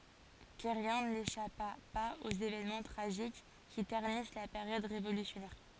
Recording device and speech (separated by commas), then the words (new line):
forehead accelerometer, read sentence
Querrien n'échappa pas aux évènements tragiques qui ternissent la période révolutionnaire.